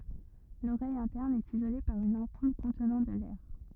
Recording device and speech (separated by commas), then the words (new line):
rigid in-ear microphone, read sentence
L'oreille interne est isolée par une ampoule contenant de l'air.